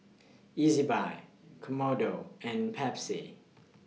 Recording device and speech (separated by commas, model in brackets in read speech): mobile phone (iPhone 6), read sentence